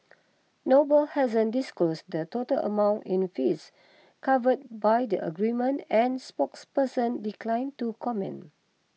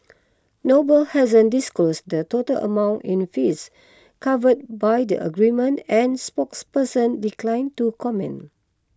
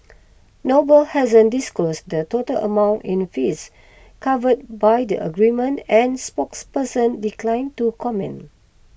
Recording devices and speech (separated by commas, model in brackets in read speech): mobile phone (iPhone 6), close-talking microphone (WH20), boundary microphone (BM630), read sentence